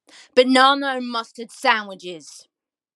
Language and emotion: English, angry